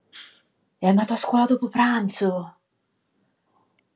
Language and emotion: Italian, surprised